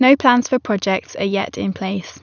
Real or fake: real